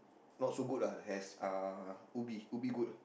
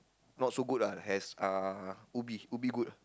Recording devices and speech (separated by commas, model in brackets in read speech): boundary microphone, close-talking microphone, conversation in the same room